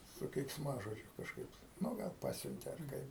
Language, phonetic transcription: Lithuanian, su keiksˈmažodžiu kažˈkaip nu ˈgal ˈpasiuntė ar ˈkaip

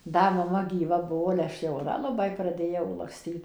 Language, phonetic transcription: Lithuanian, ˈda maˈma gyˈva ˈbuo ale ˈaš jauˈna laˈbai praˈdėjau lakˈstyt

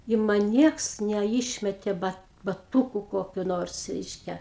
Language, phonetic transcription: Lithuanian, i ˈman ˈnieks neˈišmetė ba baˈtūku ˈkokiu ˈnors ˈreiškia

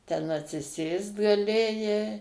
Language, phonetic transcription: Lithuanian, ten atsiˈsėst gaˈlėjai

